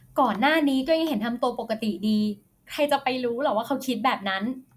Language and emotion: Thai, frustrated